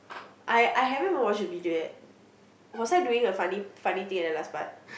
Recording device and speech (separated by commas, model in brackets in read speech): boundary microphone, conversation in the same room